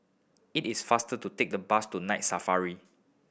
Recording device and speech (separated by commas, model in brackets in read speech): boundary microphone (BM630), read sentence